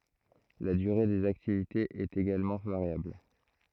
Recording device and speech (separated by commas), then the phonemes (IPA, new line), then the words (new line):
throat microphone, read sentence
la dyʁe dez aktivitez ɛt eɡalmɑ̃ vaʁjabl
La durée des activités est également variable.